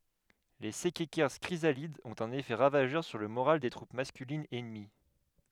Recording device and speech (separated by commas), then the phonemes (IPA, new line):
headset microphone, read sentence
le sɛkɛkɛʁs kʁizalidz ɔ̃t œ̃n efɛ ʁavaʒœʁ syʁ lə moʁal de tʁup maskylinz ɛnəmi